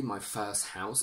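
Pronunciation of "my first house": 'My first house' is said here in a very, very lazy way.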